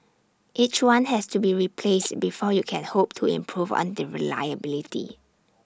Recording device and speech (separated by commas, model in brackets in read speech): standing microphone (AKG C214), read sentence